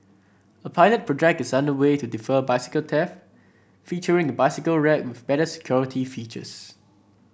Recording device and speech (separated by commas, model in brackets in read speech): boundary microphone (BM630), read sentence